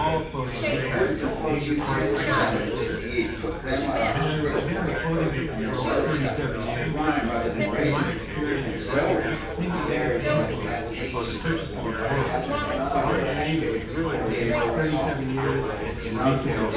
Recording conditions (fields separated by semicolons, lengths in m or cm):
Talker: one person; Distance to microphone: 9.8 m; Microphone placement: far; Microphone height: 1.8 m; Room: large; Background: babble